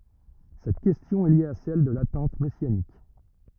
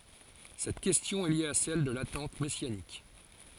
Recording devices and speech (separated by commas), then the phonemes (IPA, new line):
rigid in-ear microphone, forehead accelerometer, read sentence
sɛt kɛstjɔ̃ ɛ lje a sɛl də latɑ̃t mɛsjanik